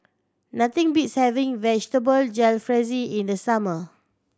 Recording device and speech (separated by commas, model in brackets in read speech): standing microphone (AKG C214), read sentence